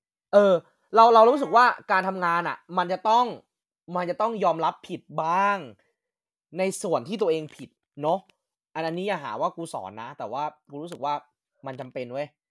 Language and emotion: Thai, frustrated